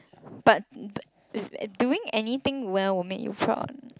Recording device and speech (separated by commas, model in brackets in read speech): close-talking microphone, conversation in the same room